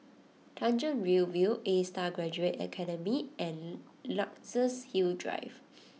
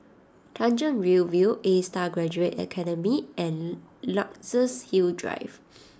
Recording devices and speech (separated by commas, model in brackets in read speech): mobile phone (iPhone 6), standing microphone (AKG C214), read sentence